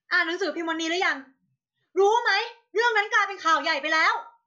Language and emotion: Thai, angry